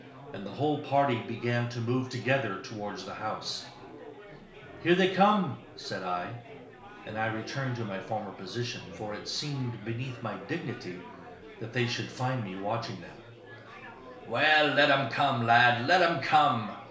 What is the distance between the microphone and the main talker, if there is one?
1.0 m.